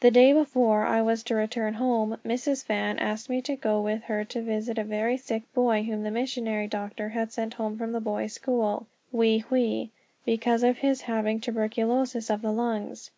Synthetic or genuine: genuine